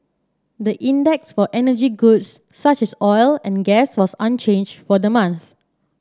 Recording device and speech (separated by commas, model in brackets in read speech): standing microphone (AKG C214), read sentence